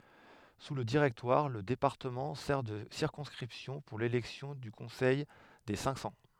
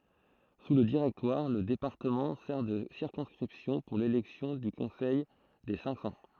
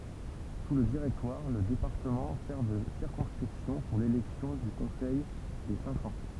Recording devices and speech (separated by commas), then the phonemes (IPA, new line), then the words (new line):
headset microphone, throat microphone, temple vibration pickup, read sentence
su lə diʁɛktwaʁ lə depaʁtəmɑ̃ sɛʁ də siʁkɔ̃skʁipsjɔ̃ puʁ lelɛksjɔ̃ dy kɔ̃sɛj de sɛ̃k sɑ̃
Sous le Directoire, le département sert de circonscription pour l'élection du Conseil des Cinq-Cents.